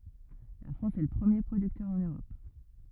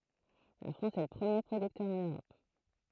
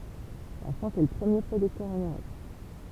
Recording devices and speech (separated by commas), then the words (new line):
rigid in-ear microphone, throat microphone, temple vibration pickup, read sentence
La France est le premier producteur en Europe.